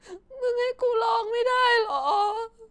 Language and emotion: Thai, sad